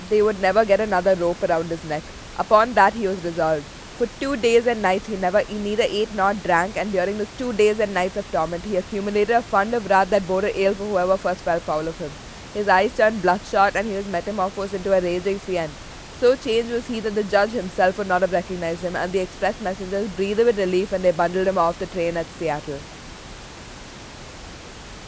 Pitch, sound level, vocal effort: 190 Hz, 90 dB SPL, loud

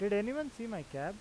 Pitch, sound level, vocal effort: 205 Hz, 90 dB SPL, normal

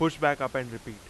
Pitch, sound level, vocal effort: 130 Hz, 92 dB SPL, very loud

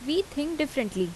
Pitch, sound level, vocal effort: 285 Hz, 82 dB SPL, loud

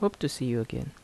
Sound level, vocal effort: 76 dB SPL, soft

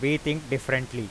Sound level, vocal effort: 91 dB SPL, very loud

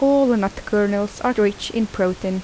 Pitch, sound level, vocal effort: 205 Hz, 80 dB SPL, soft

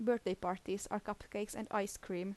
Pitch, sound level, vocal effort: 200 Hz, 79 dB SPL, normal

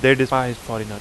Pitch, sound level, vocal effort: 125 Hz, 89 dB SPL, loud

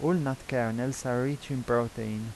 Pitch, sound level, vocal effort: 125 Hz, 85 dB SPL, normal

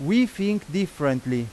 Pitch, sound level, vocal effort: 180 Hz, 93 dB SPL, very loud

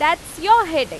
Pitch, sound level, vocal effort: 340 Hz, 98 dB SPL, very loud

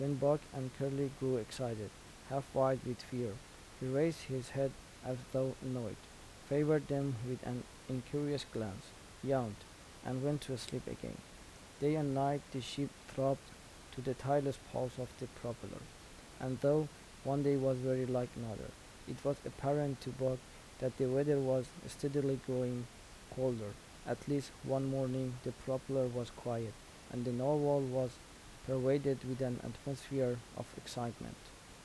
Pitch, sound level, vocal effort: 130 Hz, 78 dB SPL, soft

